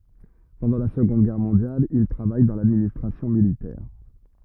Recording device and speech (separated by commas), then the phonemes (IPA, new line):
rigid in-ear microphone, read sentence
pɑ̃dɑ̃ la səɡɔ̃d ɡɛʁ mɔ̃djal il tʁavaj dɑ̃ ladministʁasjɔ̃ militɛʁ